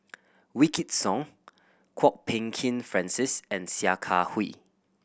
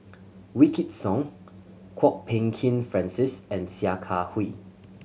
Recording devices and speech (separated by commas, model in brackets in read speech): boundary microphone (BM630), mobile phone (Samsung C7100), read sentence